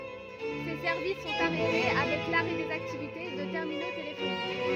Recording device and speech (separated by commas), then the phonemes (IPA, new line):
rigid in-ear microphone, read sentence
se sɛʁvis sɔ̃t aʁɛte avɛk laʁɛ dez aktivite də tɛʁmino telefonik